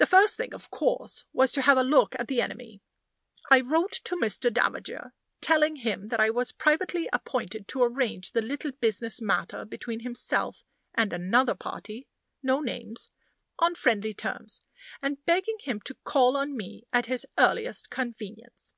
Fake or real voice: real